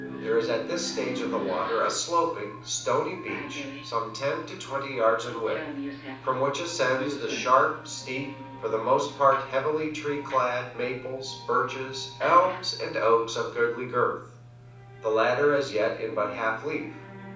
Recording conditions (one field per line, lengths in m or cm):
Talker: one person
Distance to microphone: 5.8 m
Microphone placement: far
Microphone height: 1.8 m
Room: medium-sized (5.7 m by 4.0 m)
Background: television